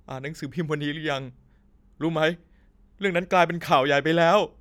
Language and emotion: Thai, sad